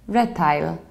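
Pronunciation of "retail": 'retail' is pronounced incorrectly here.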